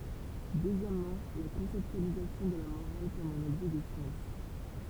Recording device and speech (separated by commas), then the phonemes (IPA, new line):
temple vibration pickup, read sentence
døzjɛmmɑ̃ la kɔ̃sɛptyalizasjɔ̃ də la moʁal kɔm œ̃n ɔbʒɛ də sjɑ̃s